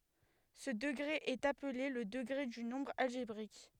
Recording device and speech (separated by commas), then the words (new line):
headset microphone, read sentence
Ce degré est appelé le degré du nombre algébrique.